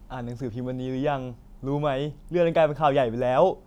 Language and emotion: Thai, happy